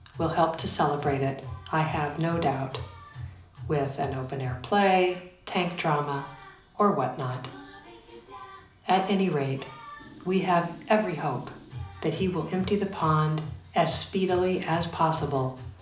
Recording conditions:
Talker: one person; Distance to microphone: 2.0 m; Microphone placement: close; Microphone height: 99 cm; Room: medium-sized (5.7 m by 4.0 m); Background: music

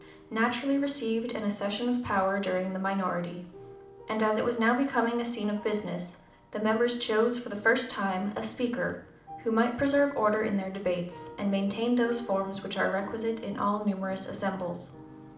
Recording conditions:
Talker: one person; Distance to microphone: 2.0 m; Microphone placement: close; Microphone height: 99 cm; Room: medium-sized (5.7 m by 4.0 m); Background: music

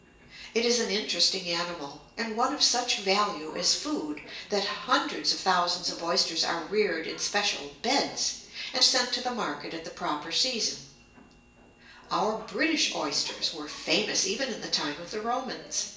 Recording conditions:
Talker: one person; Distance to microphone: 1.8 m; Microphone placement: close; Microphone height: 1.0 m; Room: large; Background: television

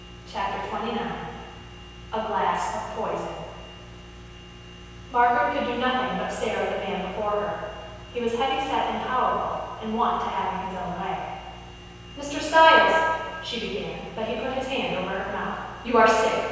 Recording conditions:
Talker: one person; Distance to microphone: 7.1 m; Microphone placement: far; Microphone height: 1.7 m; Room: very reverberant, large; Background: none

